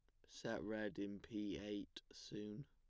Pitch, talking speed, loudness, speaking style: 105 Hz, 150 wpm, -49 LUFS, plain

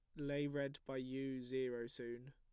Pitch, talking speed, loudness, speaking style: 130 Hz, 170 wpm, -44 LUFS, plain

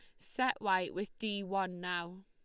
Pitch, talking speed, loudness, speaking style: 195 Hz, 175 wpm, -36 LUFS, Lombard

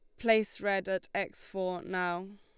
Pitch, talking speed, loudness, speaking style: 190 Hz, 165 wpm, -32 LUFS, Lombard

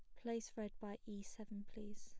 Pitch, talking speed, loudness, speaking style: 215 Hz, 205 wpm, -50 LUFS, plain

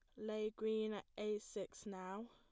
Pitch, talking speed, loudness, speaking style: 215 Hz, 170 wpm, -45 LUFS, plain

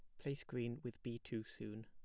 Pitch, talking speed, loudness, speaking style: 120 Hz, 220 wpm, -47 LUFS, plain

